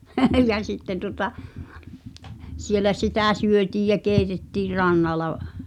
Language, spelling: Finnish, ja sitten tuota siellä sitä syötiin ja keitettiin rannalla
- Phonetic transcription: ja 'sitteⁿ tuŏta , 'sielä 'sitä̀ "syötiij jä 'kèitettiir "rannala ,.

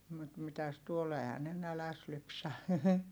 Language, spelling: Finnish, mutta mitäs tuolla eihän ne nälässä lypsä
- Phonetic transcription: mut mitäs tuol ‿ehä ne näläs lypsä .

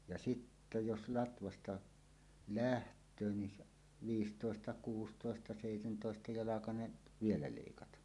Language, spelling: Finnish, ja sitten jos latvasta lähtee niin - viisitoista- kuusitoista- seitsemäntoista- jalkainen vielä leikata
- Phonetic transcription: ja "sittä 'jos 'latvasta , "läht̀öö ni s- , 'viistòesta- 'kuustòesta- 'sèitentòesta- 'jalakaneˀ , "vielä 'lèikata .

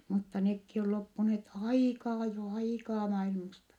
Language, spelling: Finnish, mutta nekin on loppuneet aikaa jo aikaa maailmasta
- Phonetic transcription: mutta nekki ol loppuneet aikaa jo , aikaa mailmasta .

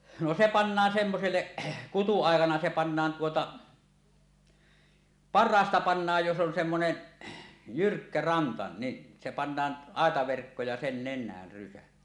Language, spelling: Finnish, no se pannaan semmoiselle kutuaikana se pannaan tuota parhaasta pannaan jos on semmoinen jyrkkä ranta niin se pannaan aitaverkko ja sen nenään rysä
- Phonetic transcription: no se "pannaan 'semmoselleˀ , 'kutu₍àekana se pannaan tuota , "parraasta 'pannaaj jos "on semmonen , "jyrkkä 'ranta ni , se pannaan , "àetaverkko ja 'sen "nen̆näär 'rysä .

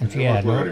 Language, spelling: Finnish, siellähän on
- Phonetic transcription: sielhän on .

